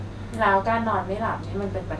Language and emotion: Thai, neutral